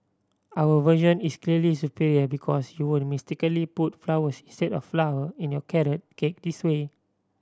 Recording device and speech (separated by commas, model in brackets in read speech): standing microphone (AKG C214), read sentence